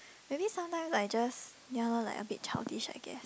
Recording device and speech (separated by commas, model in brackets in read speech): close-talking microphone, conversation in the same room